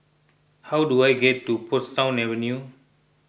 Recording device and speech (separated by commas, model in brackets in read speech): boundary microphone (BM630), read sentence